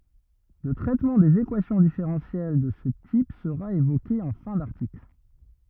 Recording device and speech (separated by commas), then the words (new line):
rigid in-ear microphone, read sentence
Le traitement des équations différentielles de ce type sera évoqué en fin d'article.